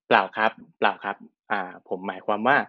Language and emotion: Thai, neutral